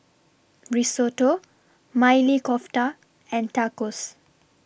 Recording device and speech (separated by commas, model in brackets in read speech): boundary microphone (BM630), read sentence